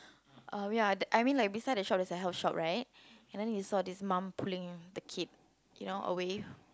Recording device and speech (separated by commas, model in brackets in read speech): close-talking microphone, conversation in the same room